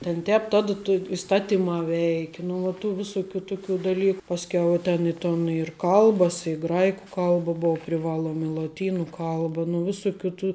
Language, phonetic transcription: Lithuanian, ten ˈtēp tad to isˈtatimā ˈveiki nu ˈva tų ˈvisuˌkių ˈtuˌkių daˈlyk pasˈkiau i ˈten i ˈton ir ˈkalbas i ˈgraiku ˈkalba ˈbou priˈvaluom i loˈtynu ˈkalba nu ˈvisukių tų

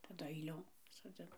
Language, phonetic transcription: Lithuanian, taˈdu aiˈliom soˈdzin

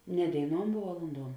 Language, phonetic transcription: Lithuanian, ne dėiˈnuom vuo valunˈduom

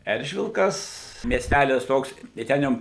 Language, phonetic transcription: Lithuanian, ˈeržvilkas miesˈtælis ˈtoks tai ˈten jau

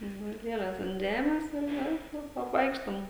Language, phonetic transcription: Lithuanian, nu ˈvat ˈlieles ant ˈžemes ir ˈjau ˈjau apˈvaikštom

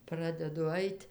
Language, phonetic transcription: Lithuanian, ˈpradedu ˈait'

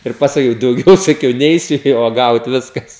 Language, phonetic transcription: Lithuanian, ir pasaˈkiau dauˈgiau saˈkiau ˈneisiu nė uoˈgaut ˈviskas

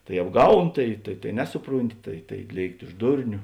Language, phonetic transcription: Lithuanian, tai apˈgaun ˈtai tai tai ˈnesuˌprūnˌti tai tai ˈlėikti už ˈdurniu

